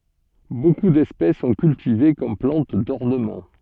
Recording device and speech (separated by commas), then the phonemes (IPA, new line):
soft in-ear microphone, read sentence
boku dɛspɛs sɔ̃ kyltive kɔm plɑ̃t dɔʁnəmɑ̃